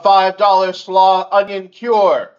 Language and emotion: English, neutral